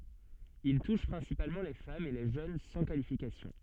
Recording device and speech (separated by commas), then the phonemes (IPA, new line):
soft in-ear microphone, read sentence
il tuʃ pʁɛ̃sipalmɑ̃ le famz e le ʒøn sɑ̃ kalifikasjɔ̃